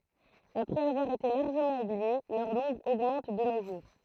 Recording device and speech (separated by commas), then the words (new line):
throat microphone, read sentence
Après avoir été largement oubliées, leur nombre augmente de nos jours.